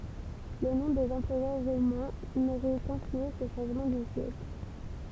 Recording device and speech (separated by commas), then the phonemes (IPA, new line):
temple vibration pickup, read sentence
lə nɔ̃ dez ɑ̃pʁœʁ ʁomɛ̃ noʁɛ kɛ̃flyɑ̃se sə ʃɑ̃ʒmɑ̃ dy sjɛkl